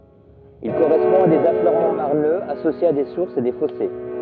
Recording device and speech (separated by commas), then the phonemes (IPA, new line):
rigid in-ear microphone, read sentence
il koʁɛspɔ̃ a dez afløʁmɑ̃ maʁnøz asosjez a de suʁsz e de fɔse